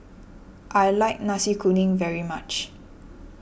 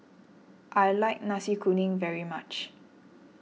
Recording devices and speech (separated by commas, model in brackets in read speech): boundary microphone (BM630), mobile phone (iPhone 6), read sentence